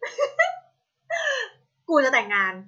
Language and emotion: Thai, happy